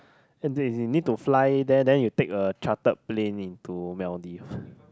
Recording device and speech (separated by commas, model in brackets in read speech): close-talking microphone, conversation in the same room